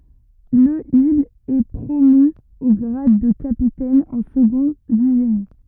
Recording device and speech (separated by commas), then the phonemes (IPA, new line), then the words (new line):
rigid in-ear microphone, read sentence
lə il ɛ pʁomy o ɡʁad də kapitɛn ɑ̃ səɡɔ̃ dy ʒeni
Le il est promu au grade de capitaine en second du génie.